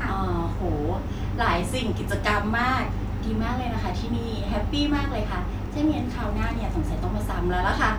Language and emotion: Thai, happy